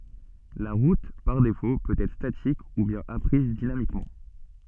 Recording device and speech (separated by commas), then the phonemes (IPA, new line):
soft in-ear microphone, read sentence
la ʁut paʁ defo pøt ɛtʁ statik u bjɛ̃n apʁiz dinamikmɑ̃